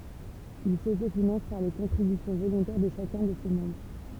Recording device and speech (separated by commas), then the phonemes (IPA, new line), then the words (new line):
temple vibration pickup, read sentence
il sotofinɑ̃s paʁ le kɔ̃tʁibysjɔ̃ volɔ̃tɛʁ də ʃakœ̃ də se mɑ̃bʁ
Ils s'autofinancent par les contributions volontaires de chacun de ses membres.